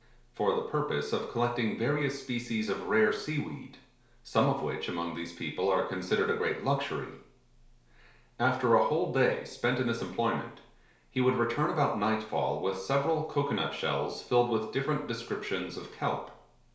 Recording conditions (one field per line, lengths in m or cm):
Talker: one person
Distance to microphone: 1.0 m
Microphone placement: close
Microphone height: 1.1 m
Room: small (3.7 m by 2.7 m)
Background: none